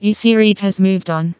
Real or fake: fake